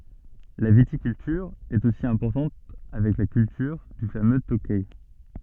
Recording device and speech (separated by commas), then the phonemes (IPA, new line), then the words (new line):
soft in-ear microphone, read sentence
la vitikyltyʁ ɛt osi ɛ̃pɔʁtɑ̃t avɛk la kyltyʁ dy famø tokɛ
La viticulture est aussi importante avec la culture du fameux Tokay.